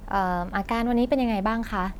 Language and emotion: Thai, neutral